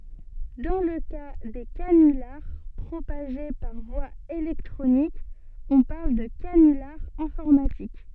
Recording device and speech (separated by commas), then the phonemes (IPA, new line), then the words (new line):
soft in-ear microphone, read sentence
dɑ̃ lə ka de kanylaʁ pʁopaʒe paʁ vwa elɛktʁonik ɔ̃ paʁl də kanylaʁ ɛ̃fɔʁmatik
Dans le cas des canulars propagés par voie électronique, on parle de canular informatique.